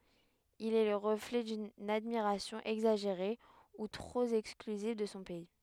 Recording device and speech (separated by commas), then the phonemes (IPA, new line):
headset microphone, read sentence
il ɛ lə ʁəflɛ dyn admiʁasjɔ̃ ɛɡzaʒeʁe u tʁop ɛksklyziv də sɔ̃ pɛi